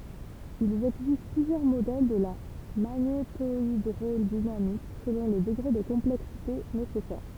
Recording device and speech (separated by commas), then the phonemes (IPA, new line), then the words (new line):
temple vibration pickup, read sentence
il ɛɡzist plyzjœʁ modɛl də la maɲetoidʁodinamik səlɔ̃ lə dəɡʁe də kɔ̃plɛksite nesɛsɛʁ
Il existe plusieurs modèles de la magnétohydrodynamique selon le degré de complexité nécessaire.